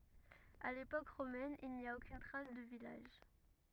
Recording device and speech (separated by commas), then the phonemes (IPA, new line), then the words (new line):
rigid in-ear microphone, read sentence
a lepok ʁomɛn il ni a okyn tʁas də vilaʒ
À l’époque romaine, il n'y a aucune trace de village.